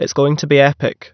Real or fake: real